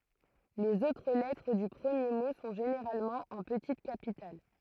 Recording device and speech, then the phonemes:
throat microphone, read sentence
lez otʁ lɛtʁ dy pʁəmje mo sɔ̃ ʒeneʁalmɑ̃ ɑ̃ pətit kapital

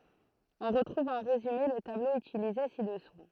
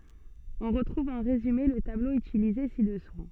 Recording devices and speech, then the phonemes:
throat microphone, soft in-ear microphone, read sentence
ɔ̃ ʁətʁuv ɑ̃ ʁezyme lə tablo ytilize sidɛsu

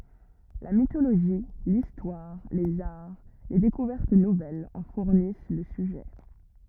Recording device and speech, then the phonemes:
rigid in-ear microphone, read sentence
la mitoloʒi listwaʁ lez aʁ le dekuvɛʁt nuvɛlz ɑ̃ fuʁnis lə syʒɛ

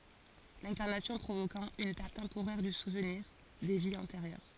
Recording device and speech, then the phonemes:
forehead accelerometer, read sentence
lɛ̃kaʁnasjɔ̃ pʁovokɑ̃ yn pɛʁt tɑ̃poʁɛʁ dy suvniʁ de viz ɑ̃teʁjœʁ

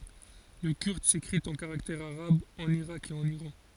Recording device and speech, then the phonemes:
forehead accelerometer, read sentence
lə kyʁd sekʁit ɑ̃ kaʁaktɛʁz aʁabz ɑ̃n iʁak e ɑ̃n iʁɑ̃

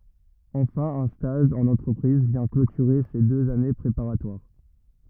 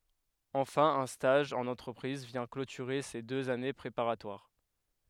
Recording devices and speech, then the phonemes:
rigid in-ear microphone, headset microphone, read sentence
ɑ̃fɛ̃ œ̃ staʒ ɑ̃n ɑ̃tʁəpʁiz vjɛ̃ klotyʁe se døz ane pʁepaʁatwaʁ

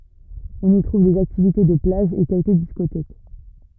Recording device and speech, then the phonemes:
rigid in-ear microphone, read sentence
ɔ̃n i tʁuv dez aktivite də plaʒ e kɛlkə diskotɛk

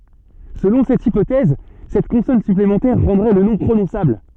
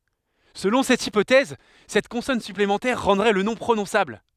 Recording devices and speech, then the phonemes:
soft in-ear microphone, headset microphone, read sentence
səlɔ̃ sɛt ipotɛz sɛt kɔ̃sɔn syplemɑ̃tɛʁ ʁɑ̃dʁɛ lə nɔ̃ pʁonɔ̃sabl

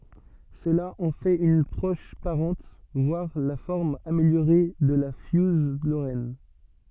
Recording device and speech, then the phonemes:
soft in-ear microphone, read sentence
səla ɑ̃ fɛt yn pʁɔʃ paʁɑ̃t vwaʁ la fɔʁm ameljoʁe də la fjuz loʁɛn

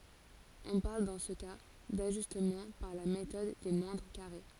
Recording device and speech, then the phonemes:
forehead accelerometer, read sentence
ɔ̃ paʁl dɑ̃ sə ka daʒystmɑ̃ paʁ la metɔd de mwɛ̃dʁ kaʁe

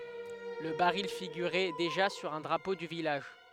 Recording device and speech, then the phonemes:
headset microphone, read sentence
lə baʁil fiɡyʁɛ deʒa syʁ œ̃ dʁapo dy vilaʒ

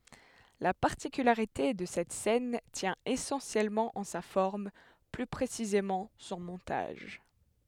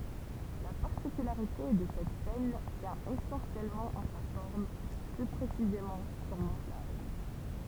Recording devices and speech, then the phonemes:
headset microphone, temple vibration pickup, read sentence
la paʁtikylaʁite də sɛt sɛn tjɛ̃ esɑ̃sjɛlmɑ̃ ɑ̃ sa fɔʁm ply pʁesizemɑ̃ sɔ̃ mɔ̃taʒ

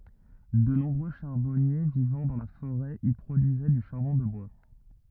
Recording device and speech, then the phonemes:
rigid in-ear microphone, read sentence
də nɔ̃bʁø ʃaʁbɔnje vivɑ̃ dɑ̃ la foʁɛ i pʁodyizɛ dy ʃaʁbɔ̃ də bwa

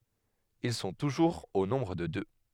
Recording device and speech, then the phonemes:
headset microphone, read sentence
il sɔ̃ tuʒuʁz o nɔ̃bʁ də dø

